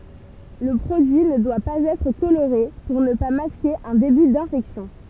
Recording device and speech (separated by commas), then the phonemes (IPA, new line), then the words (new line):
temple vibration pickup, read sentence
lə pʁodyi nə dwa paz ɛtʁ koloʁe puʁ nə pa maske œ̃ deby dɛ̃fɛksjɔ̃
Le produit ne doit pas être coloré pour ne pas masquer un début d'infection.